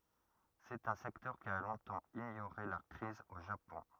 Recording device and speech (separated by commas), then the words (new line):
rigid in-ear microphone, read sentence
C'est un secteur qui a longtemps ignoré la crise au Japon.